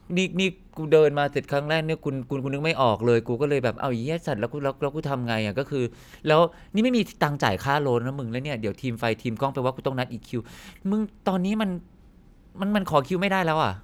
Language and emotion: Thai, frustrated